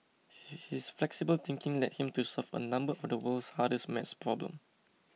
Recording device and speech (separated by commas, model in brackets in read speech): mobile phone (iPhone 6), read sentence